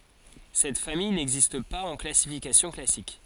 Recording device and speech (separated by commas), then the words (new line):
forehead accelerometer, read sentence
Cette famille n'existe pas en classification classique.